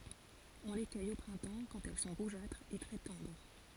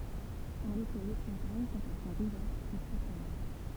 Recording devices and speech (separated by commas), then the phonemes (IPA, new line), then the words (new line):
forehead accelerometer, temple vibration pickup, read sentence
ɔ̃ le kœj o pʁɛ̃tɑ̃ kɑ̃t ɛl sɔ̃ ʁuʒatʁz e tʁɛ tɑ̃dʁ
On les cueille au printemps quand elles sont rougeâtres et très tendres.